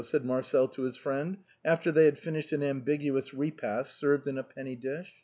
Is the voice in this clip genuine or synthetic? genuine